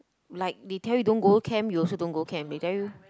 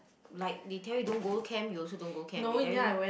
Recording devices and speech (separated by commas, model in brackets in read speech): close-talking microphone, boundary microphone, conversation in the same room